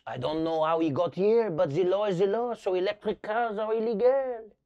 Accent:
French accent